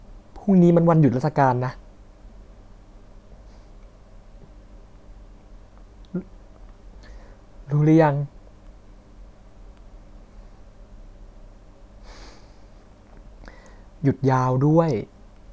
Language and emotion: Thai, sad